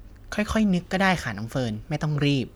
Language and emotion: Thai, neutral